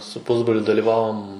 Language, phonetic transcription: Lithuanian, su ˈpusbroliu dalyˈvavom

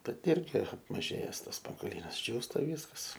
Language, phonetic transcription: Lithuanian, bet ˈirgi apmaˈžėjes ˈtas spangoˈlynas ˈdžiūsta ˈvyskas

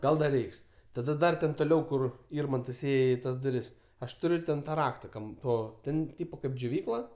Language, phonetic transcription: Lithuanian, ˈgal ˈdar ˈreiks tada ˈdar ten toˈliau ˈkur ˈirmantas ˈėje i ˈtas duˈris ˈaš tuˈriu ten ˈtą ˈrakta ˈkam ˈto ˈten ˈtypo kaip džioˈvykla

